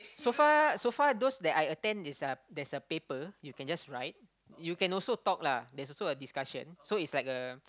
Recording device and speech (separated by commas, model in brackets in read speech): close-talking microphone, conversation in the same room